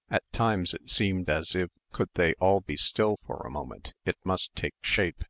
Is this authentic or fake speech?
authentic